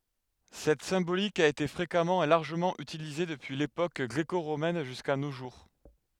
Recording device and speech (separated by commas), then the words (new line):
headset microphone, read sentence
Cette symbolique a été fréquemment et largement utilisée depuis l'époque gréco-romaine jusqu'à nos jours.